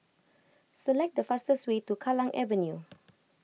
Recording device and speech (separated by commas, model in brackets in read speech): mobile phone (iPhone 6), read sentence